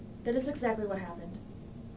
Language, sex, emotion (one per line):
English
female
neutral